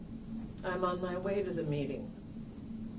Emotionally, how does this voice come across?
neutral